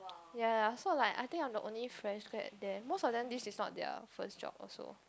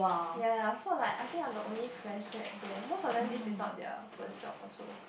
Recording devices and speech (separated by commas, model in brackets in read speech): close-talking microphone, boundary microphone, conversation in the same room